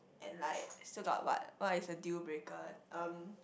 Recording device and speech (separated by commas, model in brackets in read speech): boundary microphone, conversation in the same room